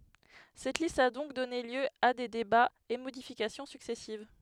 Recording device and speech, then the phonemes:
headset microphone, read sentence
sɛt list a dɔ̃k dɔne ljø a de debaz e modifikasjɔ̃ syksɛsiv

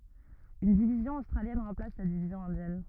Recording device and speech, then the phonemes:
rigid in-ear microphone, read sentence
yn divizjɔ̃ ostʁaljɛn ʁɑ̃plas la divizjɔ̃ ɛ̃djɛn

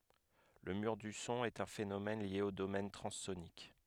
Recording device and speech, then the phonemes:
headset microphone, read sentence
lə myʁ dy sɔ̃ ɛt œ̃ fenomɛn lje o domɛn tʁɑ̃sonik

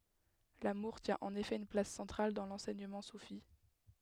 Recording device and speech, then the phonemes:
headset microphone, read sentence
lamuʁ tjɛ̃ ɑ̃n efɛ yn plas sɑ̃tʁal dɑ̃ lɑ̃sɛɲəmɑ̃ sufi

